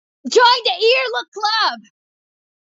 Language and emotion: English, disgusted